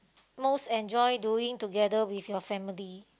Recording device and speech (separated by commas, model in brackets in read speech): close-talking microphone, conversation in the same room